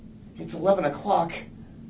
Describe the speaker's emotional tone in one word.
fearful